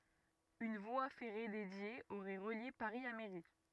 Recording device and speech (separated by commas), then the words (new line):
rigid in-ear microphone, read sentence
Une voie ferrée dédiée aurait relié Paris à Méry.